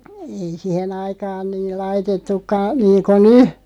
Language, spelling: Finnish, ei siihen aikaan niin laitettukaan niin kuin nyt
- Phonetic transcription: 'ei "sihen ‿aikaan 'niil 'laitettukka 'niiŋko "ny .

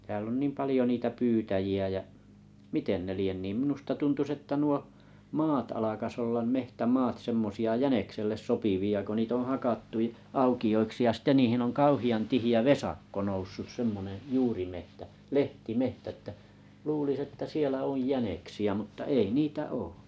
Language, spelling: Finnish, täällä on niin paljon niitä pyytäjiä ja miten ne lie niin minusta tuntuisi että nuo maat alkaisi olla metsämaat semmoisia jänikselle sopivia kun niitä on hakattu - aukioiksi ja sitten niihin on kauhean tiheä vesakko noussut semmoinen juurimetsä lehtimetsä että luulisi että siellä on jäniksiä mutta ei niitä ole
- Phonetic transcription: tääl ‿on 'niim 'palĭjo niitä 'pyytäji₍ä jä’ , "miten 'ne 'lien ni , 'm̥nusta 'tuntus että nuo "maat alakas 'ollam 'mehtä"maat 'semmosi₍a "jänekselles "sopivi₍a ko 'niit ‿oo̰ 'hakattu ə "auki₍oiksi ja 'sitte 'niihin oŋ "kauhi₍an 'tihi₍ä "vesakko 'noussus 'semmone , 'juurimehtä , "lehti"mehtᵃ̈ ᵉttä , luulis 'että "sielä 'oj "jäneksi₍ä mutta 'ei "niitä 'oo .

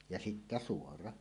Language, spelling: Finnish, ja sitten suora
- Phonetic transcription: ja 'sittä "suora .

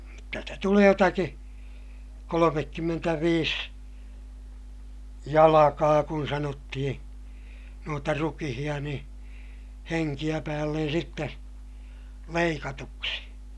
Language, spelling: Finnish, - jotta sitä tulee jotakin kolmekymmentäviisi jalkaa kun sanottiin noita rukiita niin henkeä päälle sitten leikatuksi
- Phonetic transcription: n ‿otta stä tulee jotaki , kolomekkymmentäviis , jalakaa kun sanottihiḭ , nuota rukihiʲa niḭ , heŋkiʲä päällen sitte , leikatuksi .

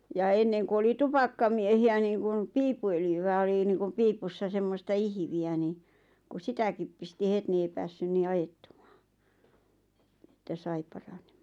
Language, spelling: Finnish, ja ennen kun oli tupakkamiehiä niin kuin piippuöljyä oli niin kuin piipussa semmoista ihviä niin kun sitäkin pisti heti niin ei päässyt niin ajettumaan että sai paranemaan
- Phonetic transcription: ja 'enneŋku oli "tupakkamiehi₍ä niiŋkun , 'piippu₍öljyvä oli niiŋkum 'piipussa semmosta "ihⁱvi₍ä ni₍ kus "sitäkip pisti 'het ni ei 'päässyn nii "ajettuᴍᴀᴀ , että "sai paraɴᴇᴍᴀᴀɴ .

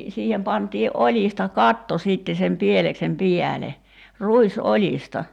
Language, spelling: Finnish, siihen pantiin oljista katto sitten sen pieleksen päälle ruisoljista
- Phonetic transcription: 'siihem 'pant̀ii’ '’oĺista "katto 'sìtte sem 'pieleksem "piäle , "ruis₍'oĺista .

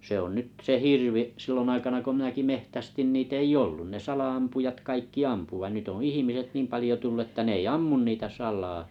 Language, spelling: Finnish, se on nyt se hirvi silloin aikana kun minäkin metsästin niitä ei ollut ne sala-ampujat kaikki ampui vaan nyt on ihmiset niin paljon tullut että ne ei ammu niitä salaa
- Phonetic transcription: se on 'nyt se "hirvi’ , 'sillon aikana ko 'minäki 'mehtästin 'nii't ‿ei "j ‿o͕llᴜ 'ne 'sal₍ampujat 'kaikki"ampu vain 'nyt ‿oo̰ "ihimiset 'niim 'palĭjo tullᵘ että 'n ‿ei "ammun 'niitä "sal̆laa ,.

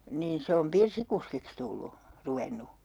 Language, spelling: Finnish, niin se on pirssikuskiksi tullut ruvennut
- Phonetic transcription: niin 'se om "pirsikuskiks tullu , 'ruvenu .

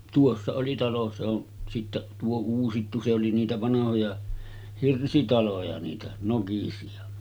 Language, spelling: Finnish, tuossa oli talo se on sitten tuo uusittu se oli niitä vanhoja hirsitaloja niitä nokisia
- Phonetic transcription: 'tuossa oli 'talo se on sittäˀ , 'tuo "uusittu se oli niitä vanahoja , 'hirsitaloja niitä 'nokisi₍a .

